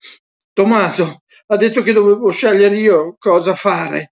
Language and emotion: Italian, fearful